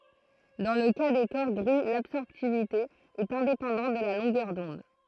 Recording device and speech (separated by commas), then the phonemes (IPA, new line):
throat microphone, read sentence
dɑ̃ lə ka de kɔʁ ɡʁi labsɔʁptivite ɛt ɛ̃depɑ̃dɑ̃t də la lɔ̃ɡœʁ dɔ̃d